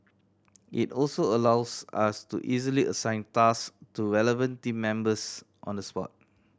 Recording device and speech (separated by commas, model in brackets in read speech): standing microphone (AKG C214), read sentence